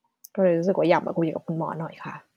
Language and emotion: Thai, frustrated